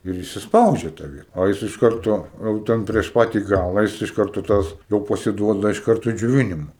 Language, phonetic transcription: Lithuanian, ir įsisˈpaudžia ta ˈviet o ˈjis iš ˈkarto jau ˈten prieš ˈpati ˈgala jis iš ˈkarto ˈtas jau pasiˈduoda iš ˈkartu i džioˈvinima

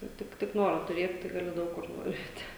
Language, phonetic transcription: Lithuanian, ˈtik tik tik ˈnoro tuˈrėt tai gaˈli ˈdaug kur nuˈveiti

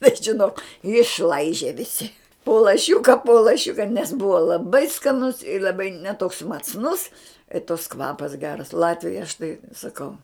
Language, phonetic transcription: Lithuanian, bet žiˈnok išˈlaižė viˈsi po laˈšiuka po laˈšiuka nes ˈbuva laˈbai skaˈnus i laˈbai ne toks macˈnus i toks ˈkvapas ˈgeras ˈlatvijoj aš tai saˈkau

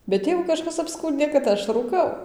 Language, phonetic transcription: Lithuanian, bet ˈtėvu kaˈžkas apˈskūndė kad ˈaš rūˈkau

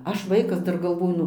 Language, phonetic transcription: Lithuanian, ˈaš ˈvaikas ˈdar galˈvoju

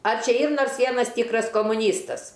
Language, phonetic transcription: Lithuanian, ar ˈčia ˈyr ˈnors ˈvienas ˈtykras komuˈnystas

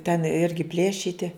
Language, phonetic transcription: Lithuanian, ten ˈirgi ˈplėšyti

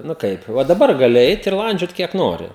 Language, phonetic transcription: Lithuanian, ˈnu ˈkaip ˈva daˈbar gaˈli ˈeit ir ˈlandžiot ˈkiek ˈnori

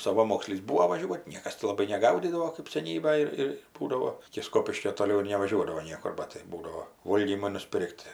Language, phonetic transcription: Lithuanian, saˈvamokslys ˈbūo vaˈžiuot' ˈniekas ti laˈbai neˈgaudydavo kɜp seˈnybaj ir ir ˈbūdavo iki ˈskopiškio toˈliau ir nevaˈžiuodavo ˈniekur ˈbat tai ˈbūdao ˈvolgymo nuˈspir'k't'

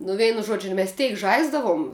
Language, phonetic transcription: Lithuanian, nu ˈveinu ˈžuodžiu mes ˈteik ˈžaisdavum

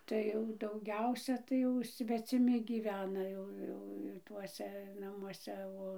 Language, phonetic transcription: Lithuanian, ˈtai jau dauˈgiausia tai ˈjau sveciˈmi gyˈvena ˈjau ˈjau ˈtuose namuoˈse ˈo

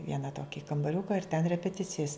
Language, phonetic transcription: Lithuanian, ˈviena ˈtoki kambaˈriuka ir ten repeˈticijas

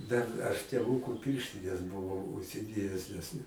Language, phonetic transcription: Lithuanian, dar ˈaš tėˈvūko ˈpirštines buˈvau užsiˈdėjes ˈnes ne

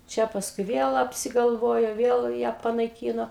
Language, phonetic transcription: Lithuanian, ˈčia pasˈkui ˈviel apsigalˈvojo ˈviel ją panaiˈkyno

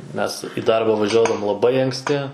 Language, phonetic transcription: Lithuanian, ˈmes i ˈdarba važiuodavom laˈbai anksˈti

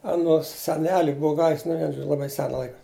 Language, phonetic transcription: Lithuanian, aˈnos seˈneli ˈbuu ˈgavis nu ˈvien ˈžodžiu laˈbai ˈsena ˈlaika

